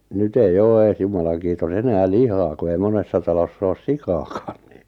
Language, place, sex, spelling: Finnish, Lappajärvi, male, nyt ei ole edes jumalan kiitos enää lihaa kun ei monessa talossa ole sikaakaan niin
- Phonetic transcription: 'nyt ‿eij ‿oo ees 'jumalaŋ kiitos 'enää "lihaa ku ei 'monessa talos's ‿oos "sikaakᴀᴀɴ ⁿⁱⁿ .

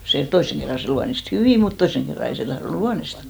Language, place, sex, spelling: Finnish, Hinnerjoki, female, se toisen kerran se luonnisti hyvin mutta toisen kerran ei se tahtonut luonnistaa
- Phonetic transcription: se , 'toisseŋ kerra se 'luanist "hyvì mut 'toisseŋ kerra 'ei se tahronᵘ "luanista .

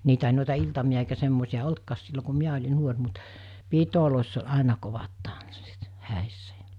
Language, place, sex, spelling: Finnish, Mikkeli, female, niitä ei noita iltamia eikä semmoisia ollutkaan silloin kun minä olin nuori mutta pidoissa oli aina kovat tanssit häissä ja
- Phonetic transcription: niitä ei nòita 'iltami₍a eikä semmòisi₍a 'oltkaas sillo ku̬ 'miä oĺi 'nuor mut , 'piitolòiss ‿oĺ 'àena kovat tanssit , 'hä̀issä ᴊa͕ .

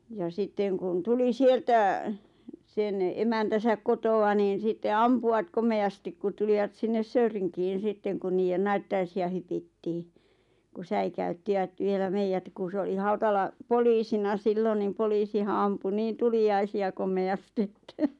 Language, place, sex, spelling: Finnish, Lappajärvi, female, ja sitten kun tuli sieltä sen emäntänsä kotoa niin sitten ampuivat komeasti kun tulivat sinne Söyrinkiin sitten kun niiden naittajaisia hypittiin kun säikäyttivät vielä meidät kun se oli Hautala poliisina silloin niin poliisihan ampui niin tuliaisia komeasti että
- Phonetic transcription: ja 'sitteŋ kun 'tuli "sieltä , 'sen "emäntäsäk 'koto₍a niin̬ sitte "ampu₍at 'kome₍astik kut 'tulivat 'sinnes "Söyriŋkiin̬ 'sitteŋ kun 'niijen "naittaisi₍a hypittii , ku "säikä₍yttiᵛät 'vielä "meijät ku 'se oli 'Hautala , "poliisina 'siilon nim 'poliisiha ampu 'niin "tuli₍aisi₍a 'komeastɪ 'Että .

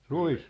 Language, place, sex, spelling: Finnish, Sippola, male, ruis
- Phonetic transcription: ruis .

